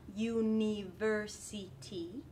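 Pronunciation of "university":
'University' is pronounced incorrectly here.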